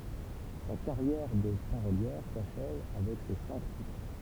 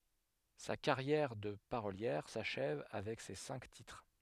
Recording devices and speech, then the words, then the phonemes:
temple vibration pickup, headset microphone, read sentence
Sa carrière de parolière s'achève avec ces cinq titres.
sa kaʁjɛʁ də paʁoljɛʁ saʃɛv avɛk se sɛ̃k titʁ

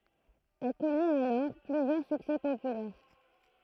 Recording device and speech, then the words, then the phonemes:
throat microphone, read sentence
Elle connaît alors plusieurs succès populaires.
ɛl kɔnɛt alɔʁ plyzjœʁ syksɛ popylɛʁ

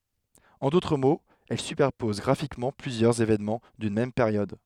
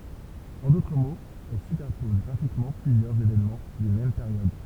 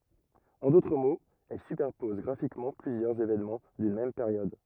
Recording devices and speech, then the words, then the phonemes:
headset microphone, temple vibration pickup, rigid in-ear microphone, read sentence
En d’autres mots, elle superpose graphiquement plusieurs événements d’une même période.
ɑ̃ dotʁ moz ɛl sypɛʁpɔz ɡʁafikmɑ̃ plyzjœʁz evenmɑ̃ dyn mɛm peʁjɔd

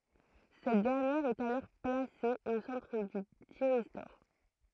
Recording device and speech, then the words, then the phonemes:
throat microphone, read sentence
Cette dernière est alors placée au centre du thyristor.
sɛt dɛʁnjɛʁ ɛt alɔʁ plase o sɑ̃tʁ dy tiʁistɔʁ

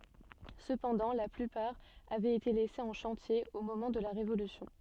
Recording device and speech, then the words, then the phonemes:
soft in-ear microphone, read sentence
Cependant la plupart avait été laissées en chantier au moment de la Révolution.
səpɑ̃dɑ̃ la plypaʁ avɛt ete lɛsez ɑ̃ ʃɑ̃tje o momɑ̃ də la ʁevolysjɔ̃

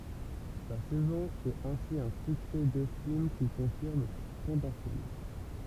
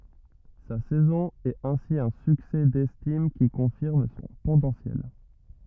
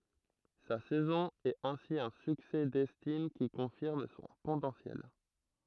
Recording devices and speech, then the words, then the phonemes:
temple vibration pickup, rigid in-ear microphone, throat microphone, read sentence
Sa saison est ainsi un succès d'estime qui confirme son potentiel.
sa sɛzɔ̃ ɛt ɛ̃si œ̃ syksɛ dɛstim ki kɔ̃fiʁm sɔ̃ potɑ̃sjɛl

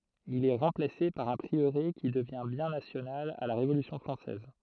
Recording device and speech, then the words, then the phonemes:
throat microphone, read sentence
Il est remplacé par un prieuré qui devient bien national à la Révolution française.
il ɛ ʁɑ̃plase paʁ œ̃ pʁiøʁe ki dəvjɛ̃ bjɛ̃ nasjonal a la ʁevolysjɔ̃ fʁɑ̃sɛz

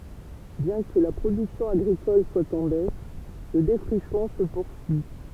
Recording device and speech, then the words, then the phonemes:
temple vibration pickup, read sentence
Bien que la production agricole soit en baisse, le défrichement se poursuit.
bjɛ̃ kə la pʁodyksjɔ̃ aɡʁikɔl swa ɑ̃ bɛs lə defʁiʃmɑ̃ sə puʁsyi

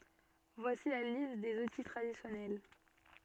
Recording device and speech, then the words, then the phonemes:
soft in-ear microphone, read sentence
Voici la liste des outils traditionnels.
vwasi la list dez uti tʁadisjɔnɛl

